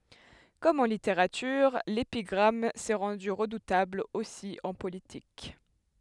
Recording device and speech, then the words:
headset microphone, read sentence
Comme en littérature, l’épigramme s’est rendue redoutable aussi en politique.

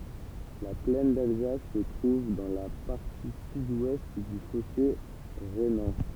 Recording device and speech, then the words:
temple vibration pickup, read sentence
La plaine d'Alsace se trouve dans la partie sud-ouest du fossé rhénan.

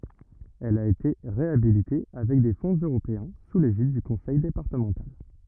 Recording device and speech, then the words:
rigid in-ear microphone, read sentence
Elle a été réhabilitée avec des fonds européens sous l'égide du conseil départemental.

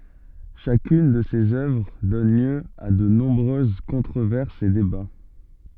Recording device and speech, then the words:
soft in-ear microphone, read sentence
Chacune de ses œuvres donne lieu à de nombreuses controverses et débats.

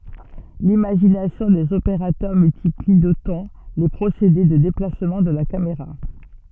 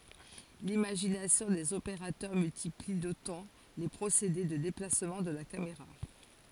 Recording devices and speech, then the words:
soft in-ear microphone, forehead accelerometer, read sentence
L’imagination des opérateurs multiplie d’autant les procédés de déplacement de la caméra.

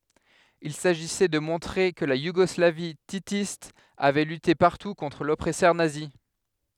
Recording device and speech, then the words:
headset microphone, read sentence
Il s'agissait de montrer que la Yougoslavie titiste avait lutté partout contre l'oppresseur nazi.

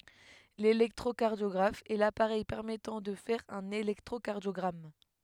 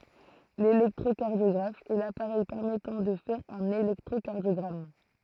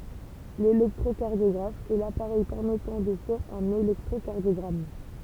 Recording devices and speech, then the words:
headset microphone, throat microphone, temple vibration pickup, read sentence
L'électrocardiographe est l'appareil permettant de faire un électrocardiogramme.

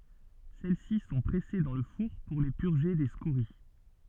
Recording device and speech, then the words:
soft in-ear microphone, read sentence
Celles-ci sont pressées dans le four pour les purger des scories.

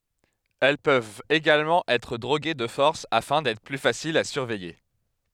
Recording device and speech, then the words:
headset microphone, read sentence
Elles peuvent également être droguées de force afin d'être plus faciles à surveiller.

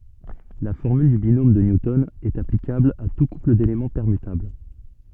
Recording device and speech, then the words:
soft in-ear microphone, read sentence
La formule du binôme de Newton est applicable à tout couple d'éléments permutables.

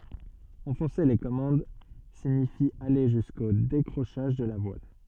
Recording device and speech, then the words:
soft in-ear microphone, read sentence
Enfoncer les commandes signifie aller jusqu'au décrochage de la voile.

